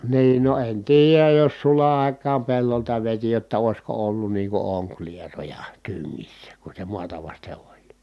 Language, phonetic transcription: Finnish, niin no en tiijäj jos sula ài̮k̀aam pellolta veti jotta òi̮sko ollun nii ku oŋklieroja , tyŋŋissä , ku se muata vaste oĺ .
- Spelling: niin no en tiedä jos sulan aikaan pellolta veti jotta olisiko ollut niin kuin onkilieroja tyngissä kun se maata vasten oli

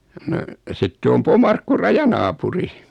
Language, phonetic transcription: Finnish, no , 'sitte om 'Pomarkku "rajanaapuri .
- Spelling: no sitten on Pomarkku rajanaapuri

